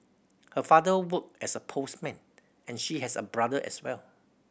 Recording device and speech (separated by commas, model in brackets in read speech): boundary microphone (BM630), read sentence